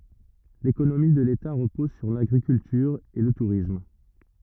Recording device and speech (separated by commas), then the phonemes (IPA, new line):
rigid in-ear microphone, read sentence
lekonomi də leta ʁəpɔz syʁ laɡʁikyltyʁ e lə tuʁism